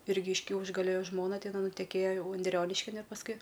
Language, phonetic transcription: Lithuanian, ˈirgi iš ˈkiaušgalio ˈjo ˈžmona teˈnai nuteˈkėjo ˈjau unˈdrioniškin ir pasˈkui

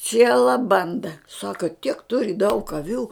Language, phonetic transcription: Lithuanian, ˈciela ˈbanda ˈsaka tiek ˈturi daug aˈvių

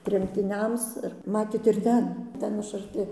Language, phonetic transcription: Lithuanian, tremtiˈniams ir ˈmatėt ir ˈten ˈten aš arˈti

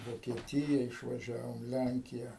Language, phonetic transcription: Lithuanian, vokieˈtija išvaˈžiavom ˈlænkija

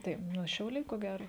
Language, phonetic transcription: Lithuanian, tai ˈnu šiauˈliai ko ˈgero

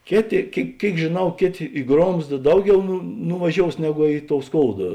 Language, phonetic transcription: Lithuanian, ˈkėˌtė kėi ˈkėik žėˈnau ˈkėˌtė i ˈgromzda ˈdauˌgiau nu nuvaˈžious ˈnegu i tou ˈskouda

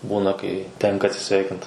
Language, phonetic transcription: Lithuanian, ˈbūna kai ˈtenka atsiˈsveikint

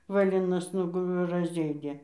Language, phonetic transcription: Lithuanian, vaˈlinas ˈnugu razˈėdė

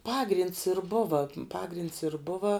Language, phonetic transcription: Lithuanian, ˈpagrynds ir ˈbuva ˈpagrinds ir ˈbuva

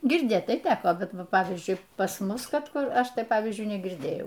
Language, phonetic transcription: Lithuanian, girˈdėt tai ˈteko bet ˈva ˈpavyzdžiui pas ˈmus ˈkad ˈkur ˈaš ˈtai ˈpavyzdžiui negirˈdėjau

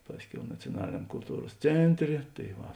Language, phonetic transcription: Lithuanian, ˈpasˌkiau nacioˈnaliniam kulˈtūros ˈcėnˌtrė tai ˈva

